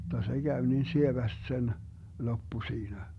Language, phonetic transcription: Finnish, (jotta) 'se Gäv niin "sieväst 'sen , "loppu 'siinä .
- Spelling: jotta se kävi niin sievästi sen loppu siinä

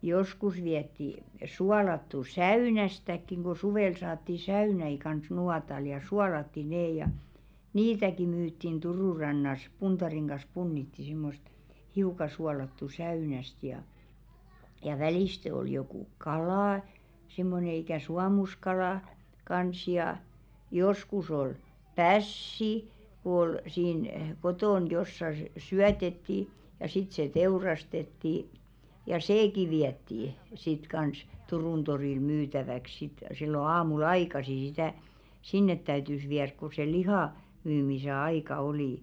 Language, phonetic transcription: Finnish, 'joskus viɛtti , 'sualattu "säỳnästäkkiŋ ɢo 'suvèl saatti 'säynäi kans 'nuatal ja "sualatti nee ja , "niitäki 'myyttin 'Turù rannas 'puntariŋ ɢas 'punnitti simmost , 'hiuka sualattu 'säynäst ja , ja "välìste ol jokù "kala , simmone ikä̀ "suamuskalà , 'kans jà , 'joskus ol "päss̀i , ku ‿ol , siin , 'kotòn jossa s- 'syätettì , ja sit se 'teurastettì , ja "seeki 'viättì , sit 'kans , "Turùn torìl 'myytäväk sit sillo 'aamul "aikasi sitä , "sinnet 'täytys 'viärk ku se "lihà , myymise 'aika 'olì .
- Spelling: joskus vietiin suolattua säynästäkin kun suvella saatiin säynäitä kanssa nuotalla ja suolattiin ne ja niitäkin myytiin Turun rannassa puntarin kanssa punnitsi semmoista hiukan suolattua säynästä ja ja välistä oli joku kala semmoinen ikään suomuskala kanssa ja joskus oli pässi kun oli siinä kotona jossakin - syötettiin ja sitten se teurastettiin ja sekin vietiin sitten kanssa Turun torille myytäväksi sitten silloin aamulla aikaisin sitä sinne täytyi viedä kun se lihan myymisen aika oli

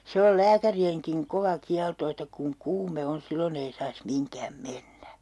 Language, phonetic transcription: Finnish, "se ol 'lääkäri₍eŋkiŋ 'kova 'kialto että kuŋ 'kuume 'on̬ 'sillon ‿ei sais 'miŋkäm "mennä .
- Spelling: se on lääkärienkin kova kielto että kun kuume on silloin ei saisi mihinkään mennä

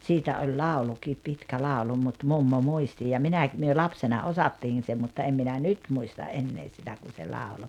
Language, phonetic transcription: Finnish, 'siitä oĺ 'làulukiip 'pitkä "làolu mut 'mummo 'muisti ja "minä̀k- , myö "lapsena "osattiin̬ se mutta 'em minä "nyt muista "’ennee sitä kun̬ se 'làolo .
- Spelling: siitä on laulukin pitkä laulu mutta mummo muisti ja - me lapsena osattiin se mutta en minä nyt muista enää sitä kun se lauloi

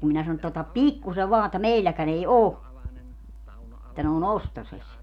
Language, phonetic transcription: Finnish, ja kum minä sano että » otap "pikkuse 'vaa että "meilläkän ‿ei "oo , [et]tä ne o"n ‿ostoses » .
- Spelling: ja kun minä sanoin että ota pikkuisen vain että meilläkään ei ole että ne on ostoisessa

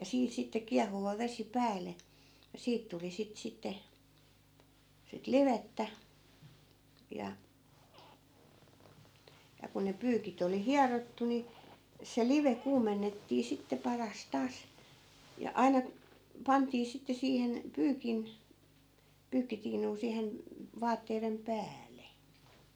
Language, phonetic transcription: Finnish, ja 'siin sitte 'kiahuva 'vesi "päälle , ja 'siit tuli 'sit 'sitte , sit "livettä , ja , ja ku ne 'pyykit ‿oli "hiarottu ni , se 'live 'kuumennettii sitte 'paras 'taas , ja 'ai̮na , 'pantii sitte 'siihen , 'pyykin , 'pyykkitiinuu 'siihen , 'vaatteirem "pääl̀e .
- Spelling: ja siinä sitten kiehuva vesi päälle ja siitä tuli sitä sitten sitä livettä ja ja kun ne pyykit oli hierottu niin se live kuumennettiin sitten paras taas ja aina pantiin sitten siihen pyykin pyykkitiinuun siihen vaatteiden päälle

